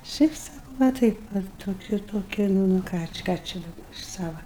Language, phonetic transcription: Lithuanian, ˈšiaip ˈsakau va ˈtaip va toˈkiu toˈki ˈnu ˈnu ˈką či ˈką čia daˈba iš ˈsava

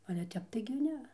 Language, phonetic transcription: Lithuanian, ˈale tep taigi ˈne

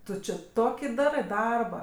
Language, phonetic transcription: Lithuanian, ˈtu či ˈtoki ˈdarɜ ˈdarba

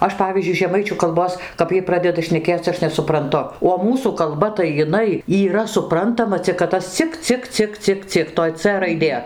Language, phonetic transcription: Lithuanian, ˈaš ˈpavyzdžiui žeˈmaičių kalˈbos kap ˈjiej ˈpradeda šneˈkėc ˈaš nesupranˈtu o ˈmūsų kalˈba tai jiˈnai yˈra suˈprantama cik kad ˈtas ˈcik ˈcik ˈcik ˈcik ˈcik toj ˈcė raiˈdė

